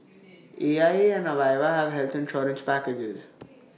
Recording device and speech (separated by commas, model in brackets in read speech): mobile phone (iPhone 6), read sentence